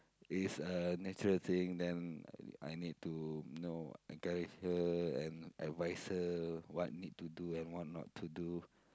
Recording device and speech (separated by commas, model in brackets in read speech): close-talking microphone, conversation in the same room